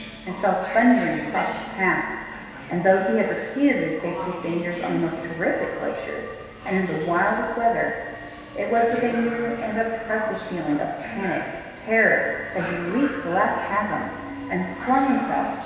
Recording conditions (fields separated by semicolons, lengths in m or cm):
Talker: one person; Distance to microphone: 1.7 m; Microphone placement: close; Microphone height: 1.0 m; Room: very reverberant, large; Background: television